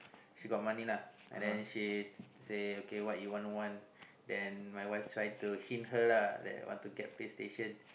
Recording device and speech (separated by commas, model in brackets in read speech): boundary microphone, conversation in the same room